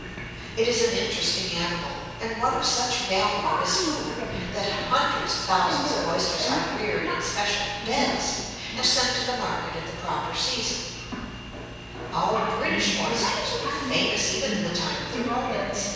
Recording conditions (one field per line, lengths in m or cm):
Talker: one person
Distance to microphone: 7.1 m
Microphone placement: far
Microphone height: 1.7 m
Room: very reverberant, large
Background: television